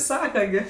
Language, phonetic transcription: Lithuanian, ˈsaka gi

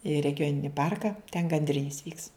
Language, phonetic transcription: Lithuanian, i regiˈjonini ˈparka ten gandˈrinis vyks

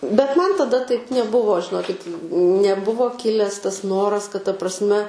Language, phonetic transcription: Lithuanian, bet ˈman taˈda taip neˈbuvo žiˈnokit neˈbuvo ˈkiles ˈtas ˈnoras kad ta prasˈme

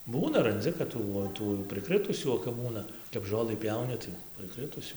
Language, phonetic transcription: Lithuanian, ˈbūna ranˈdzi kad ˈtų o ˈtų jau prɨˈkrɨtusių o kap ˈbūna kap ˈžolɨ ˈpjauni tai prɨˈkrɨtusių

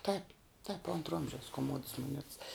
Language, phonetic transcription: Lithuanian, taip taip ˈontra ˈomžiaus koˈmods moˈnets

